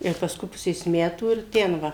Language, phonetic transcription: Lithuanian, ir pasˈkui ˈpusės ˈmetų ir ˈten ˈva

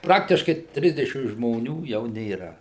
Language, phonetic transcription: Lithuanian, ˈpraktiškai ˈtrisdešim žmoˈnių jau nėˈra

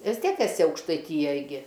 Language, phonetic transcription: Lithuanian, ˈvis ˈtiek eˈsi aukštaiˈtyjaj gi

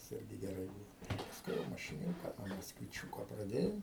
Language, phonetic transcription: Lithuanian, tas ˈirgi geˈrai ˈbūvo pasˈkui jau mašiˈniūka nuo maskviˈčiūko praˈdėjau

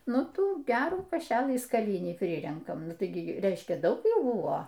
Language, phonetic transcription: Lithuanian, ˈnu ˈtų ˈgerų kaˈšelɨ skaˈlinį ˈprirenkam ˈnu ˈtai gi ˈreiškia ˈdaug ˈjų ˈbuvo

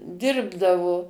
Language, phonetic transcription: Lithuanian, ˈdirbdavo

